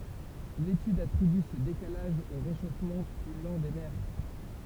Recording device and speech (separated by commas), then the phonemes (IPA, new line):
temple vibration pickup, read sentence
letyd atʁiby sə dekalaʒ o ʁeʃofmɑ̃ ply lɑ̃ de mɛʁ